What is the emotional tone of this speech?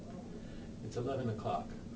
neutral